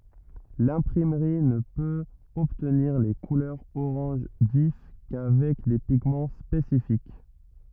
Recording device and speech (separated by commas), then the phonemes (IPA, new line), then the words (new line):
rigid in-ear microphone, read sentence
lɛ̃pʁimʁi nə pøt ɔbtniʁ le kulœʁz oʁɑ̃ʒ vif kavɛk de piɡmɑ̃ spesifik
L'imprimerie ne peut obtenir les couleurs orange vif qu'avec des pigments spécifiques.